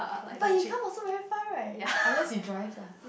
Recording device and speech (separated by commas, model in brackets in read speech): boundary microphone, conversation in the same room